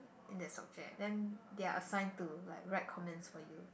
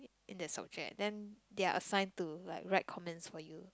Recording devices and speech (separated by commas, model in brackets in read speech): boundary microphone, close-talking microphone, conversation in the same room